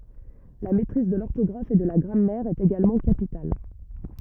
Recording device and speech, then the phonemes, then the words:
rigid in-ear microphone, read sentence
la mɛtʁiz də lɔʁtɔɡʁaf e də la ɡʁamɛʁ ɛt eɡalmɑ̃ kapital
La maîtrise de l'orthographe et de la grammaire est également capitale.

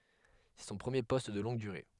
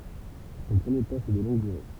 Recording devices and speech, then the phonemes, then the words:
headset microphone, temple vibration pickup, read sentence
sɛ sɔ̃ pʁəmje pɔst də lɔ̃ɡ dyʁe
C'est son premier poste de longue durée.

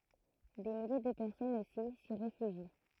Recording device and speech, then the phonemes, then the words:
throat microphone, read sentence
de milje də pɛʁsɔnz osi si ʁefyʒi
Des milliers de personnes aussi s'y réfugient.

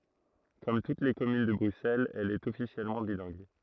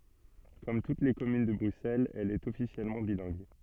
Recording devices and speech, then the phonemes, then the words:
throat microphone, soft in-ear microphone, read sentence
kɔm tut le kɔmyn də bʁyksɛlz ɛl ɛt ɔfisjɛlmɑ̃ bilɛ̃ɡ
Comme toutes les communes de Bruxelles, elle est officiellement bilingue.

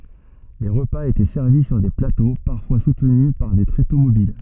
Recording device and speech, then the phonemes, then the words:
soft in-ear microphone, read sentence
le ʁəpaz etɛ sɛʁvi syʁ de plato paʁfwa sutny paʁ de tʁeto mobil
Les repas étaient servis sur des plateaux, parfois soutenus par des tréteaux mobiles.

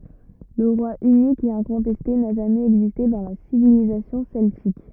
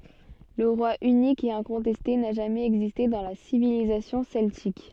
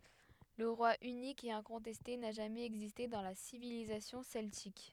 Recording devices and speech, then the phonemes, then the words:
rigid in-ear microphone, soft in-ear microphone, headset microphone, read sentence
lə ʁwa ynik e ɛ̃kɔ̃tɛste na ʒamɛz ɛɡziste dɑ̃ la sivilizasjɔ̃ sɛltik
Le roi unique et incontesté n'a jamais existé dans la civilisation celtique.

